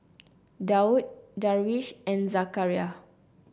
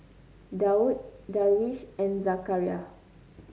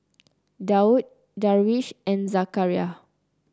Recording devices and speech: boundary microphone (BM630), mobile phone (Samsung C9), close-talking microphone (WH30), read sentence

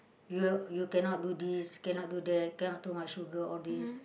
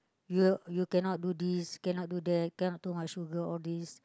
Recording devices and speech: boundary microphone, close-talking microphone, conversation in the same room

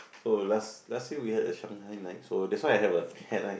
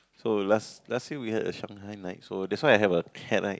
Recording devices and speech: boundary microphone, close-talking microphone, conversation in the same room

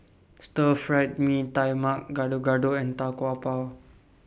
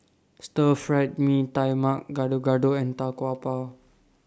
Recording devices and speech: boundary microphone (BM630), standing microphone (AKG C214), read sentence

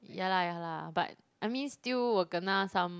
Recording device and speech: close-talking microphone, conversation in the same room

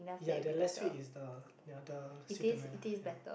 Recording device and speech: boundary microphone, conversation in the same room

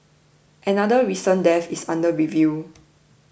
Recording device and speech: boundary microphone (BM630), read sentence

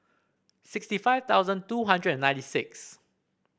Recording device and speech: boundary microphone (BM630), read sentence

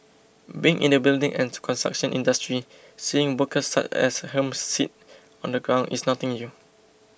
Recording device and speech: boundary microphone (BM630), read sentence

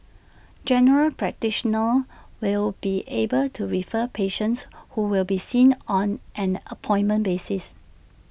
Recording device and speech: boundary microphone (BM630), read sentence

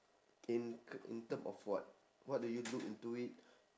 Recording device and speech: standing microphone, conversation in separate rooms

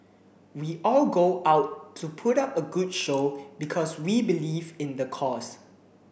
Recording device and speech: boundary microphone (BM630), read sentence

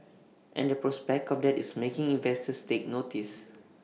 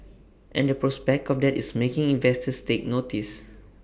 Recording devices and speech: mobile phone (iPhone 6), boundary microphone (BM630), read sentence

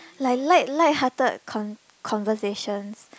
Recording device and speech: close-talking microphone, conversation in the same room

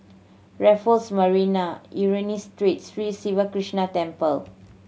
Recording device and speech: mobile phone (Samsung C7100), read sentence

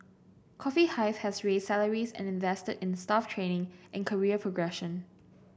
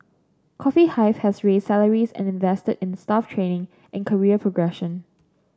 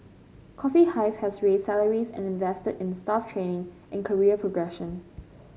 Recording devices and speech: boundary microphone (BM630), standing microphone (AKG C214), mobile phone (Samsung C5), read sentence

